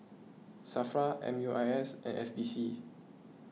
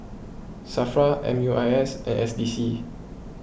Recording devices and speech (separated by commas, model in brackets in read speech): mobile phone (iPhone 6), boundary microphone (BM630), read sentence